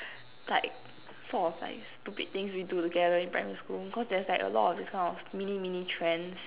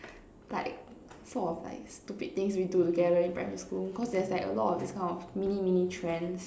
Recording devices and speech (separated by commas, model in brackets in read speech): telephone, standing microphone, conversation in separate rooms